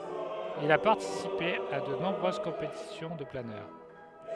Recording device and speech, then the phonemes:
headset microphone, read sentence
il a paʁtisipe a də nɔ̃bʁøz kɔ̃petisjɔ̃ də planœʁ

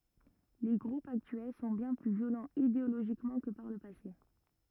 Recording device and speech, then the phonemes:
rigid in-ear microphone, read sentence
le ɡʁupz aktyɛl sɔ̃ bjɛ̃ ply vjolɑ̃z ideoloʒikmɑ̃ kə paʁ lə pase

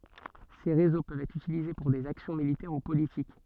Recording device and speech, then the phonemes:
soft in-ear microphone, read sentence
se ʁezo pøvt ɛtʁ ytilize puʁ dez aksjɔ̃ militɛʁ u politik

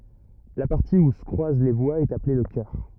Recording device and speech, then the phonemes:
rigid in-ear microphone, read sentence
la paʁti u sə kʁwaz le vwaz ɛt aple lə kœʁ

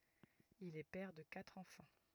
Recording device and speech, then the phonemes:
rigid in-ear microphone, read sentence
il ɛ pɛʁ də katʁ ɑ̃fɑ̃

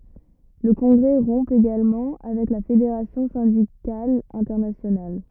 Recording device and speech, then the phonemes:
rigid in-ear microphone, read sentence
lə kɔ̃ɡʁɛ ʁɔ̃ eɡalmɑ̃ avɛk la fedeʁasjɔ̃ sɛ̃dikal ɛ̃tɛʁnasjonal

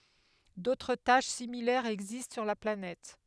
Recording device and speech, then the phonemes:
headset microphone, read sentence
dotʁ taʃ similɛʁz ɛɡzist syʁ la planɛt

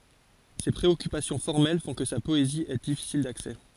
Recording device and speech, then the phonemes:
forehead accelerometer, read sentence
se pʁeɔkypasjɔ̃ fɔʁmɛl fɔ̃ kə sa pɔezi ɛ difisil daksɛ

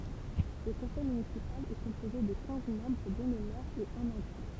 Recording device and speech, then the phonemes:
temple vibration pickup, read sentence
lə kɔ̃sɛj mynisipal ɛ kɔ̃poze də kɛ̃z mɑ̃bʁ dɔ̃ lə mɛʁ e œ̃n adʒwɛ̃

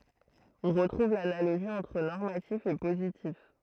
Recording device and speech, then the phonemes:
throat microphone, read sentence
ɔ̃ ʁətʁuv lanaloʒi ɑ̃tʁ nɔʁmatif e pozitif

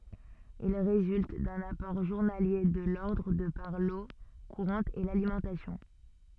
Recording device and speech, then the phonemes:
soft in-ear microphone, read sentence
il ʁezylt dœ̃n apɔʁ ʒuʁnalje də lɔʁdʁ də paʁ lo kuʁɑ̃t e lalimɑ̃tasjɔ̃

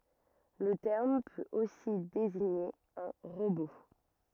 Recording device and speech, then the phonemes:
rigid in-ear microphone, read sentence
lə tɛʁm pøt osi deziɲe œ̃ ʁobo

